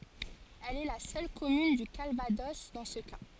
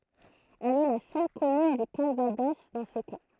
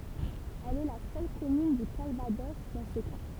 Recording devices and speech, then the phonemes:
forehead accelerometer, throat microphone, temple vibration pickup, read sentence
ɛl ɛ la sœl kɔmyn dy kalvadɔs dɑ̃ sə ka

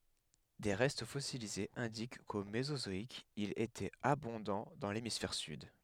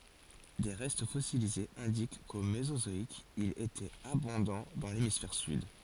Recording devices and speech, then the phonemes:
headset microphone, forehead accelerometer, read sentence
de ʁɛst fɔsilizez ɛ̃dik ko mezozɔik il etɛt abɔ̃dɑ̃ dɑ̃ lemisfɛʁ syd

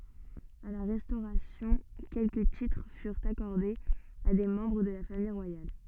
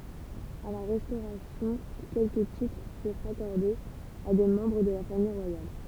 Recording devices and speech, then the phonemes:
soft in-ear microphone, temple vibration pickup, read sentence
a la ʁɛstoʁasjɔ̃ kɛlkə titʁ fyʁt akɔʁdez a de mɑ̃bʁ də la famij ʁwajal

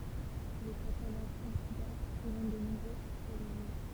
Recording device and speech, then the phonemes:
temple vibration pickup, read sentence
lə katalɑ̃ ɛ̃sylɛʁ pʁezɑ̃t də nɔ̃bʁøz aʁkaism

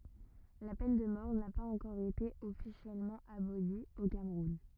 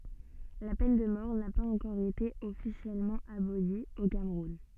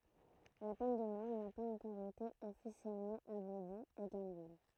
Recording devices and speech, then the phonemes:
rigid in-ear microphone, soft in-ear microphone, throat microphone, read sentence
la pɛn də mɔʁ na paz ɑ̃kɔʁ ete ɔfisjɛlmɑ̃ aboli o kamʁun

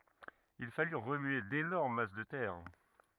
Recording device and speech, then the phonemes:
rigid in-ear microphone, read sentence
il faly ʁəmye denɔʁm mas də tɛʁ

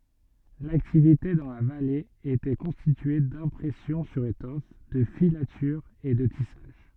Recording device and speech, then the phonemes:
soft in-ear microphone, read sentence
laktivite dɑ̃ la vale etɛ kɔ̃stitye dɛ̃pʁɛsjɔ̃ syʁ etɔf də filatyʁz e də tisaʒ

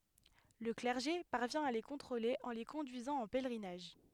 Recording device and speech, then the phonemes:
headset microphone, read sentence
lə klɛʁʒe paʁvjɛ̃ a le kɔ̃tʁole ɑ̃ le kɔ̃dyizɑ̃ ɑ̃ pɛlʁinaʒ

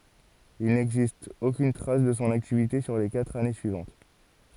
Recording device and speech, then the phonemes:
forehead accelerometer, read sentence
il nɛɡzist okyn tʁas də sɔ̃ aktivite syʁ le katʁ ane syivɑ̃t

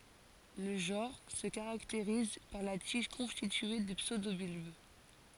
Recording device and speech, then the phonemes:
forehead accelerometer, read sentence
lə ʒɑ̃ʁ sə kaʁakteʁiz paʁ la tiʒ kɔ̃stitye də psødobylb

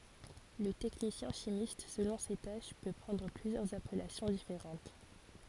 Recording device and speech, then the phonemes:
forehead accelerometer, read sentence
lə tɛknisjɛ̃ ʃimist səlɔ̃ se taʃ pø pʁɑ̃dʁ plyzjœʁz apɛlasjɔ̃ difeʁɑ̃t

